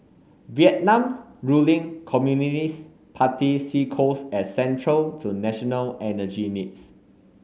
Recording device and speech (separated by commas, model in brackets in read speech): mobile phone (Samsung S8), read sentence